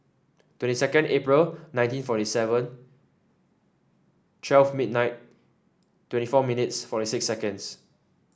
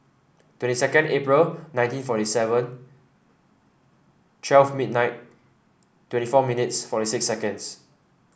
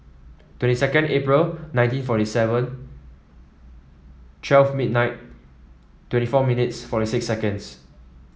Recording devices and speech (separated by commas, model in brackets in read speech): standing microphone (AKG C214), boundary microphone (BM630), mobile phone (iPhone 7), read sentence